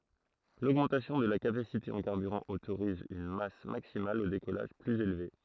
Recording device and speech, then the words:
throat microphone, read sentence
L'augmentation de la capacité en carburant autorise une masse maximale au décollage plus élevée.

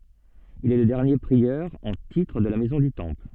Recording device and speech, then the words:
soft in-ear microphone, read sentence
Il est le dernier prieur en titre de la Maison du Temple.

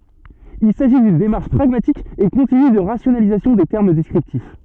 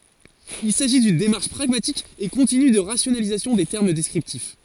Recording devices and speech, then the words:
soft in-ear microphone, forehead accelerometer, read sentence
Il s'agit d'une démarche pragmatique et continue de rationalisation des termes descriptifs.

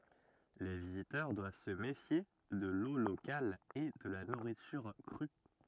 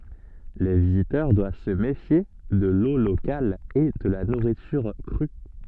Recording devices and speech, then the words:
rigid in-ear microphone, soft in-ear microphone, read sentence
Les visiteurs doivent se méfier de l'eau locale et de la nourriture crue.

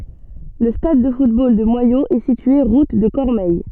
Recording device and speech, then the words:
soft in-ear microphone, read sentence
Le stade de football de Moyaux est situé route de Cormeilles.

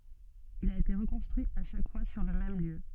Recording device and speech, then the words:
soft in-ear microphone, read sentence
Il a été reconstruit à chaque fois sur le même lieu.

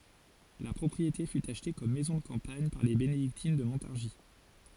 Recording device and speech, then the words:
forehead accelerometer, read sentence
La propriété fut achetée comme maison de campagne par les bénédictines de Montargis.

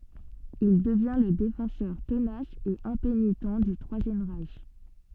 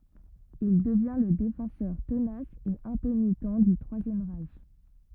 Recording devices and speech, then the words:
soft in-ear microphone, rigid in-ear microphone, read sentence
Il devient le défenseur tenace et impénitent du Troisième Reich.

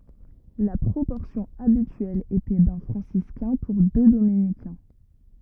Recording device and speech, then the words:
rigid in-ear microphone, read sentence
La proportion habituelle était d'un franciscain pour deux dominicains.

